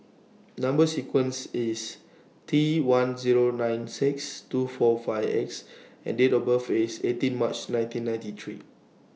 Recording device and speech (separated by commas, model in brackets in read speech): mobile phone (iPhone 6), read sentence